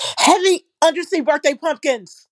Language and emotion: English, angry